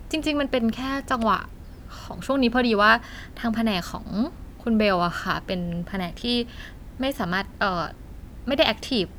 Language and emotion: Thai, neutral